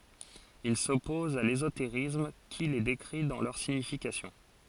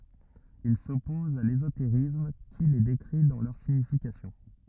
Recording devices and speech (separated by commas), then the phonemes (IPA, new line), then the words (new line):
forehead accelerometer, rigid in-ear microphone, read sentence
il sɔpɔz a lezoteʁism ki le dekʁi dɑ̃ lœʁ siɲifikasjɔ̃
Il s'oppose à l'ésotérisme qui les décrit dans leur signification.